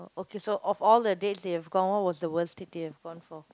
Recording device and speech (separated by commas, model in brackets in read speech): close-talking microphone, conversation in the same room